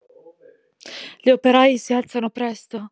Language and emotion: Italian, sad